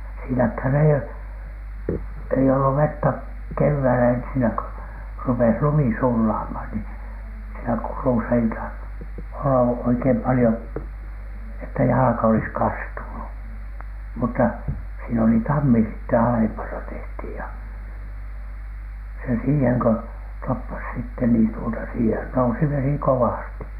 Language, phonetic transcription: Finnish, siinäkhän ei , ei ollu vettä , kevväilä ensinä kö , rupes 'lumi 'sullaamhan ni , siinä 'kurusa (ei tain-) olla oikeim palⁱhon , että jalᵃka olis kastunu , mutta siin ‿oli "tammi sitte alempana tehthìj ja , se 'siiheŋ kö , toppas sitten niin tuota siihen nousi 'vesi "kowàsti .
- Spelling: siinähän ei ei ollut vettä keväällä ensinnä kun rupesi lumi sulamaan niin siinä kurussa ei tainnut olla oikein paljon että jalka olisi kastunut mutta siinä oli tammi sitten alempana tehtiin ja se siihen kun toppasi sitten niin tuota siihen nousi vesi kovasti

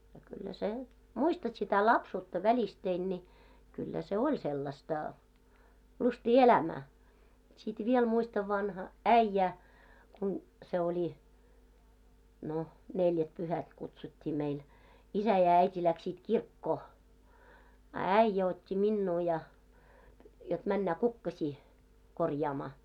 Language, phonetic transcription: Finnish, ja kyllä sen , "muistat sitä 'lapsuutta 'välistein ńi , kyllä se "oĺ sellasta , 'lustii "elämää , sit 'viel muistav vanha , "äⁱjjä , kun , se oĺi , 'no , 'neljät'puhät kutsut́t́ii meil 'isä ja 'äit́i läksit 'kirkkoo , a "äⁱjjä ot́t́i 'minnuu ja , jot männä "kukkaśii , 'korjaamaa .
- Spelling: ja kyllä sen muistat sitä lapsuutta välisteen niin kyllä se oli sellaista lystiä elämää sitten vielä muistan vanha äijä kun se oli no neljätpyhät kutsuttiin meillä isä ja äiti lähtivät kirkkoon a äijä otti minua ja jotta mennä kukkasia korjaamaan

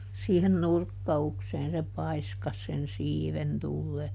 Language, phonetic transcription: Finnish, siihen ˈnurkka₍ukseen se ˈpaiskas sen "siiven ˈtullee .
- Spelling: siihen nurkkaukseen se paiskasi sen siiven tulemaan

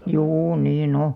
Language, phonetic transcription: Finnish, juu 'nii'n ‿o .
- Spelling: juu niin on

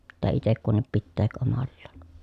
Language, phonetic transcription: Finnish, pittää itek kunnip pitteek omallaan .
- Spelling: pitää itse kunkin pitää omallaan

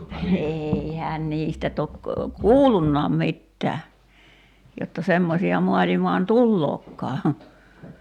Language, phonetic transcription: Finnish, 'eeihään "niistä tok , "kuullunnaam 'mittää , jotta 'semmosi₍a 'mualimaan "tullookkaa .
- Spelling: eihän niistä toki kuullutkaan mitään jotta semmoisia maailmaan tuleekaan

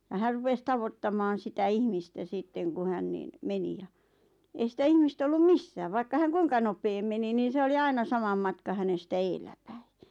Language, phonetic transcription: Finnish, ja 'här rupes 'tavottamaan̬ sitä 'ihmistä 'sitteŋ ku 'hän niin , "meni ja , ei sitä 'ihmis't ‿ollum "missää vaikka häŋ "kuiŋka 'nopeem meni niin̬ 'se oli "aina 'samam 'matka 'hänestä "eelläpäi .
- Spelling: ja hän rupesi tavoittamaan sitä ihmistä sitten kun hän niin meni ja ei sitä ihmistä ollut missään vaikka hän kuinka nopeaan meni niin se oli aina saman matka hänestä edellä päin

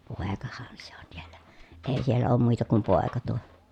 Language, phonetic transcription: Finnish, pòekAHAN sE ON sIELLÄ , èi siellä oom mùita kum pòeka tuo .
- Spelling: poikahan se on siellä ei siellä ole muita kuin poika tuo

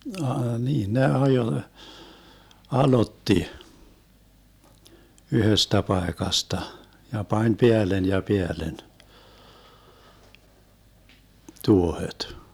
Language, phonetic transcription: Finnish, a- , 'niin ne 'ajoⁱ , 'alotti , 'yhöstä 'paekasta , ja 'pań "peällen ja "peällen , 'tuohet .
- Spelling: - niin ne ajoi aloitti yhdestä paikasta ja pani päälle ja päälle tuohet

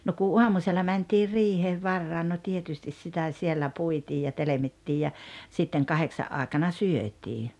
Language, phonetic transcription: Finnish, no ku "uamusella 'mäntiir 'riiheev 'varrain no "tietystis 'sitä 'siellä 'puitiij ja 'telemittiij ja , sitteŋ "kaheksa’ '’aaᵉkana "syöt́ii .
- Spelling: no kun aamusella mentiin riiheen varhain no tietysti sitä siellä puitiin ja telmittiin ja sitten kahdeksan aikana syötiin

